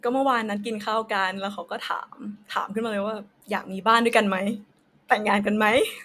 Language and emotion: Thai, happy